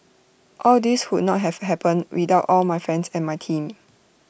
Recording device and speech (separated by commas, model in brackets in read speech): boundary microphone (BM630), read sentence